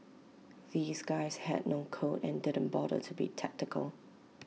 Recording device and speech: mobile phone (iPhone 6), read sentence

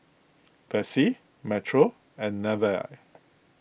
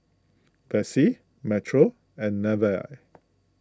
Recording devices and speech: boundary microphone (BM630), close-talking microphone (WH20), read sentence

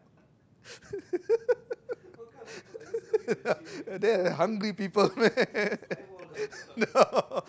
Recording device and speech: close-talking microphone, conversation in the same room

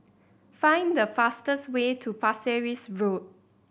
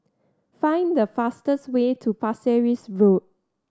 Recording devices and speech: boundary microphone (BM630), standing microphone (AKG C214), read sentence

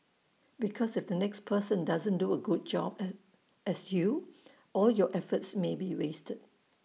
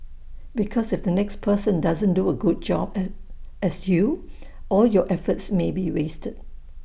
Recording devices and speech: mobile phone (iPhone 6), boundary microphone (BM630), read sentence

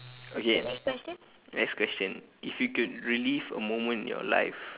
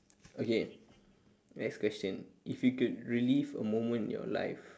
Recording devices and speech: telephone, standing microphone, conversation in separate rooms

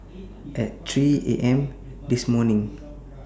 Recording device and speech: standing microphone (AKG C214), read sentence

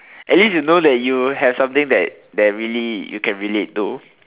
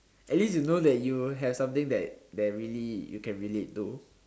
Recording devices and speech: telephone, standing microphone, conversation in separate rooms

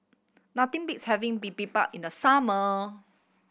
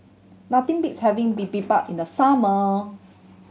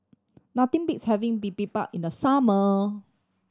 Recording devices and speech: boundary microphone (BM630), mobile phone (Samsung C7100), standing microphone (AKG C214), read sentence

